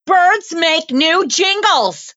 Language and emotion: English, fearful